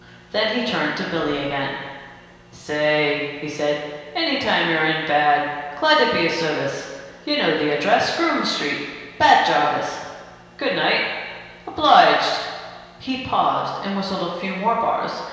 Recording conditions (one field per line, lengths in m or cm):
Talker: one person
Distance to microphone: 1.7 m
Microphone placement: close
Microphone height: 1.0 m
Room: very reverberant, large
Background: none